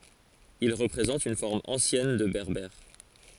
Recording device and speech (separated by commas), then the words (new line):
forehead accelerometer, read sentence
Il représente une forme ancienne de berbère.